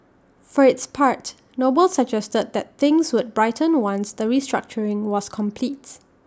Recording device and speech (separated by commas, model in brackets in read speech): standing microphone (AKG C214), read sentence